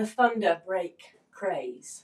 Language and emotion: English, angry